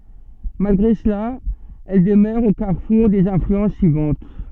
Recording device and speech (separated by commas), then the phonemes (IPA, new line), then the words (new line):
soft in-ear microphone, read sentence
malɡʁe səla ɛl dəmœʁ o kaʁfuʁ dez ɛ̃flyɑ̃s syivɑ̃t
Malgré cela, elle demeure au carrefour des influences suivantes.